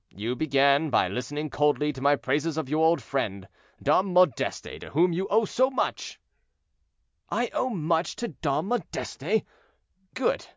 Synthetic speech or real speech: real